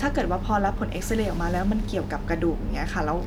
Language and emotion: Thai, neutral